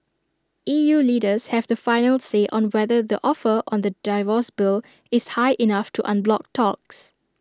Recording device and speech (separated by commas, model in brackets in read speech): standing microphone (AKG C214), read sentence